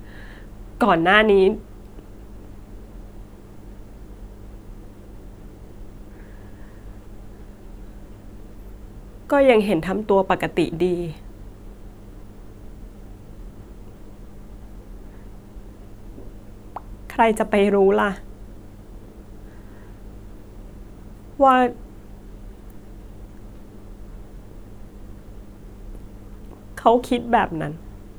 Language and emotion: Thai, sad